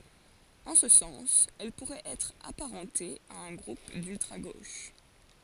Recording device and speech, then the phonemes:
forehead accelerometer, read sentence
ɑ̃ sə sɑ̃s ɛl puʁɛt ɛtʁ apaʁɑ̃te a œ̃ ɡʁup dyltʁa ɡoʃ

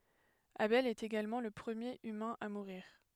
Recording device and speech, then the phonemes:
headset microphone, read sentence
abɛl ɛt eɡalmɑ̃ lə pʁəmjeʁ ymɛ̃ a muʁiʁ

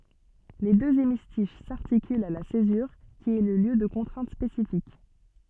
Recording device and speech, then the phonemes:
soft in-ear microphone, read sentence
le døz emistiʃ saʁtikylt a la sezyʁ ki ɛ lə ljø də kɔ̃tʁɛ̃t spesifik

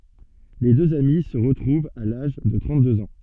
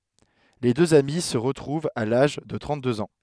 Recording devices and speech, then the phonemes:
soft in-ear microphone, headset microphone, read sentence
le døz ami sə ʁətʁuvt a laʒ də tʁɑ̃t døz ɑ̃

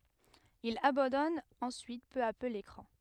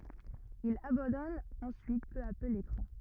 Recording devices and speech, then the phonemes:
headset microphone, rigid in-ear microphone, read sentence
il abɑ̃dɔn ɑ̃syit pø a pø lekʁɑ̃

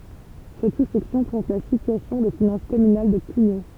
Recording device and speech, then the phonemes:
temple vibration pickup, read sentence
sɛt susɛksjɔ̃ pʁezɑ̃t la sityasjɔ̃ de finɑ̃s kɔmynal də kyɲo

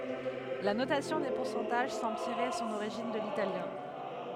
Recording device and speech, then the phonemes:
headset microphone, read sentence
la notasjɔ̃ de puʁsɑ̃taʒ sɑ̃bl tiʁe sɔ̃n oʁiʒin də litaljɛ̃

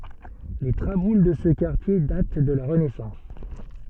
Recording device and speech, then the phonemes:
soft in-ear microphone, read sentence
le tʁabul də sə kaʁtje dat də la ʁənɛsɑ̃s

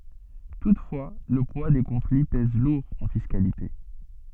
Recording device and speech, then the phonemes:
soft in-ear microphone, read sentence
tutfwa lə pwa de kɔ̃fli pɛz luʁ ɑ̃ fiskalite

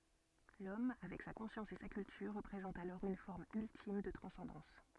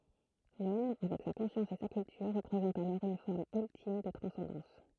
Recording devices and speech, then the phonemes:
soft in-ear microphone, throat microphone, read sentence
lɔm avɛk sa kɔ̃sjɑ̃s e sa kyltyʁ ʁəpʁezɑ̃t alɔʁ yn fɔʁm yltim də tʁɑ̃sɑ̃dɑ̃s

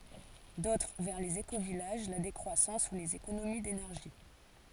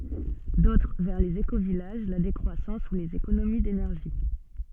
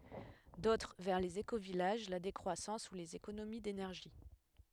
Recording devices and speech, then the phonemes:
forehead accelerometer, soft in-ear microphone, headset microphone, read sentence
dotʁ vɛʁ lez ekovijaʒ la dekʁwasɑ̃s u lez ekonomi denɛʁʒi

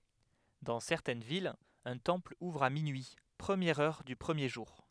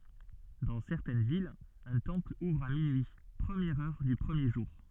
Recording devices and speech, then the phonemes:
headset microphone, soft in-ear microphone, read sentence
dɑ̃ sɛʁtɛn vilz œ̃ tɑ̃pl uvʁ a minyi pʁəmjɛʁ œʁ dy pʁəmje ʒuʁ

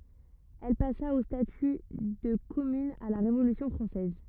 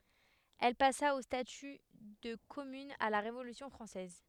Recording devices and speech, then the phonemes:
rigid in-ear microphone, headset microphone, read sentence
ɛl pasa o staty də kɔmyn a la ʁevolysjɔ̃ fʁɑ̃sɛz

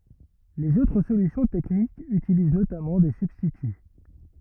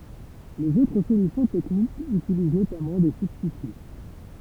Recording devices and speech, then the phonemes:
rigid in-ear microphone, temple vibration pickup, read sentence
lez otʁ solysjɔ̃ tɛknikz ytiliz notamɑ̃ de sybstity

